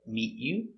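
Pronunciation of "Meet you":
In 'meet you', the t is said as a stop T, not changed to a ch sound.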